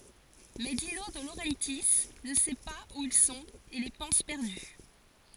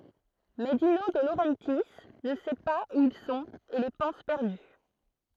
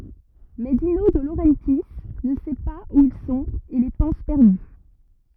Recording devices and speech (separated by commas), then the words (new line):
forehead accelerometer, throat microphone, rigid in-ear microphone, read sentence
Mais Dino De Laurentiis ne sait pas où ils sont et les pense perdus.